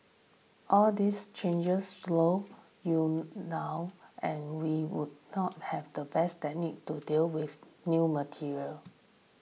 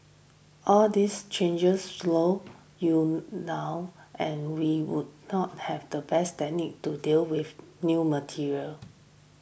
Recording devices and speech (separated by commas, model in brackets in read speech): mobile phone (iPhone 6), boundary microphone (BM630), read sentence